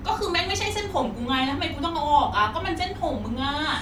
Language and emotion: Thai, frustrated